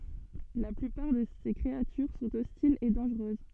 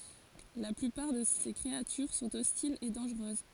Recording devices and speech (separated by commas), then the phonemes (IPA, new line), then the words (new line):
soft in-ear microphone, forehead accelerometer, read sentence
la plypaʁ də se kʁeatyʁ sɔ̃t ɔstilz e dɑ̃ʒʁøz
La plupart de ses créatures sont hostiles et dangereuses.